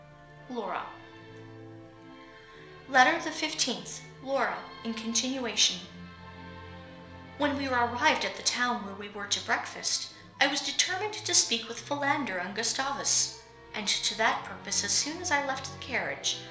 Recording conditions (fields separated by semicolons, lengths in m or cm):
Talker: one person; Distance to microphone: 1.0 m; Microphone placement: close; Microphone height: 1.1 m; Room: small (3.7 m by 2.7 m); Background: music